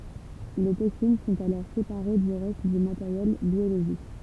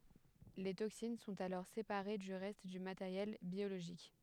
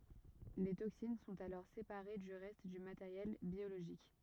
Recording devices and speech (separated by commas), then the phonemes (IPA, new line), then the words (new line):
temple vibration pickup, headset microphone, rigid in-ear microphone, read sentence
le toksin sɔ̃t alɔʁ sepaʁe dy ʁɛst dy mateʁjɛl bjoloʒik
Les toxines sont alors séparées du reste du matériel biologique.